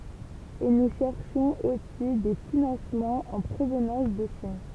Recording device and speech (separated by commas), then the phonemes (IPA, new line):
temple vibration pickup, read sentence
e nu ʃɛʁʃɔ̃z osi de finɑ̃smɑ̃z ɑ̃ pʁovnɑ̃s də ʃin